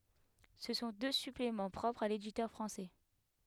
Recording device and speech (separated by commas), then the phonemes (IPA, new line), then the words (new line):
headset microphone, read sentence
sə sɔ̃ dø syplemɑ̃ pʁɔpʁz a leditœʁ fʁɑ̃sɛ
Ce sont deux suppléments propres à l'éditeur français.